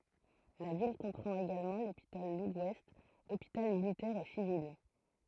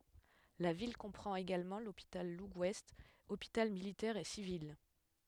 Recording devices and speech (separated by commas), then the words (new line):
throat microphone, headset microphone, read sentence
La ville comprend également l'Hôpital Legouest, hôpital militaire et civil.